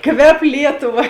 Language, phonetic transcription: Lithuanian, ˈkvep ˈlietuˌva

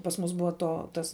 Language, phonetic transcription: Lithuanian, pas ˈmus ˈbua ˈto ˈtas

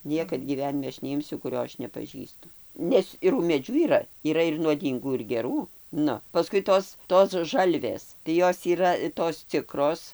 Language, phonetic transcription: Lithuanian, ˈniekad gyˈvenime ˈaš neˈimsiu kuˈrio ˈaš nepaˈžįstu ˈnes ir umėˈdžių yˈra yˈra ir nuoˈdyngų ir geˈrų ˈnu paˈskui ˈtos ˈtos ˈžalvės tai ˈjos yˈra tos ˈcikros

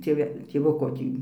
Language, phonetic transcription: Lithuanian, tėˈve tėˈvuko ˈtį

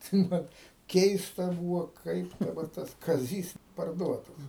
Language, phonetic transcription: Lithuanian, tai ˈman ˈkeista ˈbūvo ˈkaip daˈbar ˈtas kaˈzys parˈduotas

